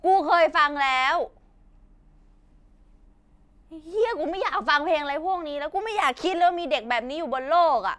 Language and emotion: Thai, angry